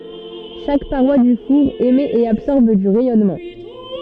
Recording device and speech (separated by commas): soft in-ear microphone, read sentence